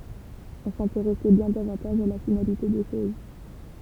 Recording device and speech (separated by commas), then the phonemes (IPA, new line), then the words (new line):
temple vibration pickup, read sentence
ɔ̃ sɛ̃teʁɛsɛ bjɛ̃ davɑ̃taʒ a la finalite de ʃoz
On s'intéressait bien davantage à la finalité des choses.